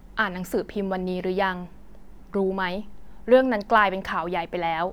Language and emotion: Thai, neutral